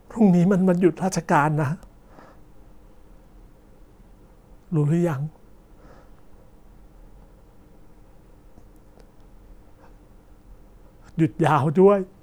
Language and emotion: Thai, sad